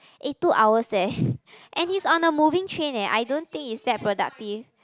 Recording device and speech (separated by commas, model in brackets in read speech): close-talking microphone, conversation in the same room